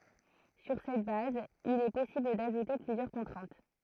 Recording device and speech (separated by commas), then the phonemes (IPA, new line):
throat microphone, read sentence
syʁ sɛt baz il ɛ pɔsibl daʒute plyzjœʁ kɔ̃tʁɛ̃t